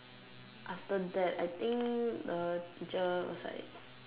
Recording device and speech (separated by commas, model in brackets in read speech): telephone, conversation in separate rooms